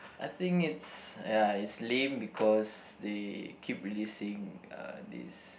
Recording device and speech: boundary microphone, conversation in the same room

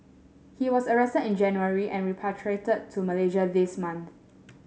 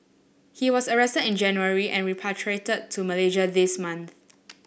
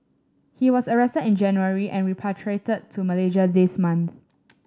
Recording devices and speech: mobile phone (Samsung S8), boundary microphone (BM630), standing microphone (AKG C214), read sentence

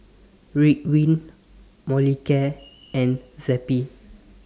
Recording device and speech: standing microphone (AKG C214), read sentence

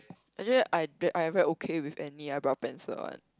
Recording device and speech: close-talking microphone, conversation in the same room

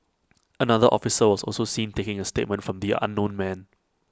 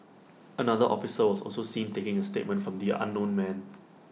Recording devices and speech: close-talking microphone (WH20), mobile phone (iPhone 6), read sentence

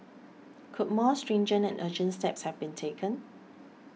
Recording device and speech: mobile phone (iPhone 6), read sentence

